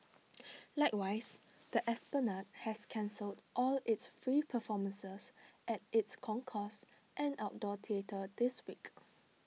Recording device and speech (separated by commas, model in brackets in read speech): mobile phone (iPhone 6), read sentence